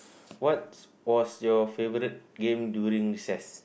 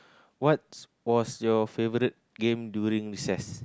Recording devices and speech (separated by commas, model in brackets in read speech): boundary microphone, close-talking microphone, conversation in the same room